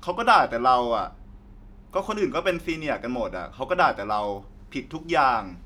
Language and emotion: Thai, frustrated